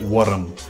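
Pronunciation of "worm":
'Worm' is said with an extra syllable added, in a Scottish way.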